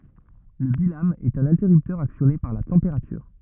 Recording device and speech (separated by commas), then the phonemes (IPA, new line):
rigid in-ear microphone, read sentence
lə bilam ɛt œ̃n ɛ̃tɛʁyptœʁ aksjɔne paʁ la tɑ̃peʁatyʁ